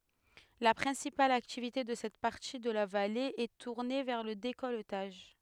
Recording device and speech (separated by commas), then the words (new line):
headset microphone, read sentence
La principale activité de cette partie de la vallée est tournée vers le décolletage.